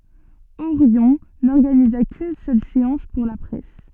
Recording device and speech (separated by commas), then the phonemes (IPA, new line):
soft in-ear microphone, read sentence
oʁjɔ̃ nɔʁɡaniza kyn sœl seɑ̃s puʁ la pʁɛs